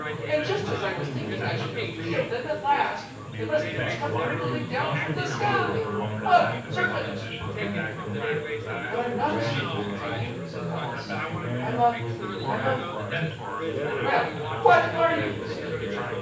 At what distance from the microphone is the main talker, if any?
9.8 m.